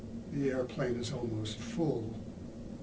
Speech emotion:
neutral